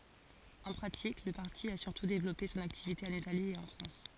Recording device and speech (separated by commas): forehead accelerometer, read sentence